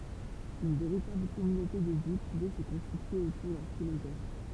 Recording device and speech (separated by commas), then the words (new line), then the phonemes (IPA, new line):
temple vibration pickup, read sentence
Une véritable communauté de vie pouvait se constituer autour d'un philosophe.
yn veʁitabl kɔmynote də vi puvɛ sə kɔ̃stitye otuʁ dœ̃ filozɔf